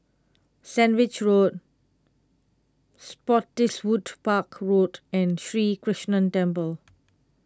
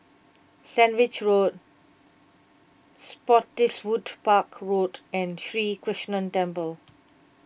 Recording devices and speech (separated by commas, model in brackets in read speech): close-talking microphone (WH20), boundary microphone (BM630), read sentence